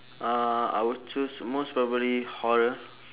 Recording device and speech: telephone, conversation in separate rooms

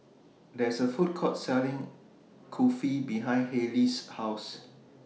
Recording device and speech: mobile phone (iPhone 6), read sentence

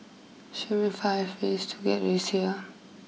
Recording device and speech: mobile phone (iPhone 6), read sentence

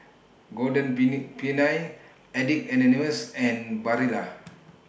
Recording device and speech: boundary microphone (BM630), read sentence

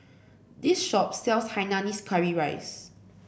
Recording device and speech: boundary microphone (BM630), read sentence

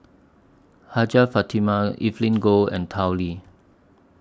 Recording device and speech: standing microphone (AKG C214), read sentence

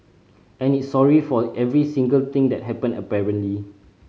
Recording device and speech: mobile phone (Samsung C5010), read sentence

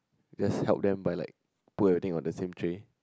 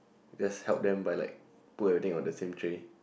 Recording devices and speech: close-talking microphone, boundary microphone, conversation in the same room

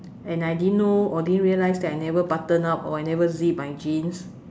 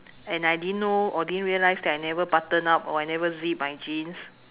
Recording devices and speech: standing microphone, telephone, conversation in separate rooms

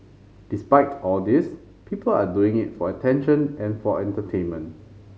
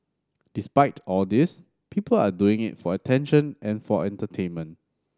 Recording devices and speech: mobile phone (Samsung C5010), standing microphone (AKG C214), read sentence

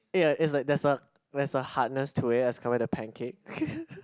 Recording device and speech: close-talking microphone, conversation in the same room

